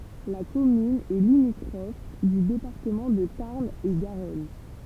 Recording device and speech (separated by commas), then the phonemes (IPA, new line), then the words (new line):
temple vibration pickup, read sentence
la kɔmyn ɛ limitʁɔf dy depaʁtəmɑ̃ də taʁn e ɡaʁɔn
La commune est limitrophe du département de Tarn-et-Garonne.